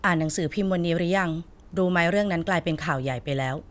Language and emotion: Thai, neutral